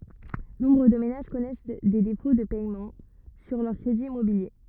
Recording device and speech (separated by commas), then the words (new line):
rigid in-ear microphone, read sentence
Nombre de ménages connaissent des défauts de paiements sur leurs crédits immobiliers.